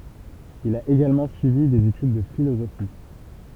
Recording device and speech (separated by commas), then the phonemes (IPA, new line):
temple vibration pickup, read sentence
il a eɡalmɑ̃ syivi dez etyd də filozofi